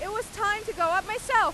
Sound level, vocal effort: 104 dB SPL, very loud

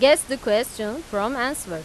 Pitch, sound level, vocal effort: 230 Hz, 94 dB SPL, loud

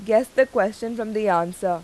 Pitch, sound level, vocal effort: 215 Hz, 89 dB SPL, loud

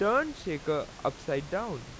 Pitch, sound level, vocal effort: 170 Hz, 92 dB SPL, very loud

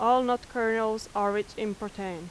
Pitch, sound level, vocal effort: 215 Hz, 89 dB SPL, very loud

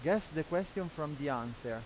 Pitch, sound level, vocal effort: 155 Hz, 90 dB SPL, loud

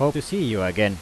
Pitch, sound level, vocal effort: 110 Hz, 90 dB SPL, loud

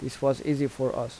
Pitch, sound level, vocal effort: 130 Hz, 82 dB SPL, normal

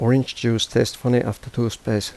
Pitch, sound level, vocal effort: 115 Hz, 81 dB SPL, soft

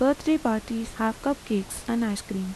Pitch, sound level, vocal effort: 225 Hz, 81 dB SPL, soft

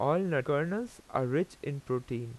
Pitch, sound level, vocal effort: 145 Hz, 87 dB SPL, normal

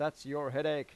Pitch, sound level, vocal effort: 145 Hz, 92 dB SPL, loud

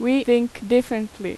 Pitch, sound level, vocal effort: 240 Hz, 87 dB SPL, very loud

